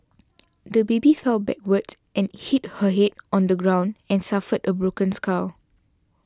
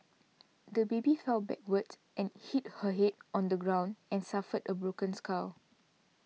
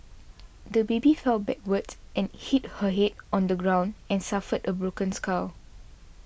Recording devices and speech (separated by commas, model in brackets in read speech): standing microphone (AKG C214), mobile phone (iPhone 6), boundary microphone (BM630), read sentence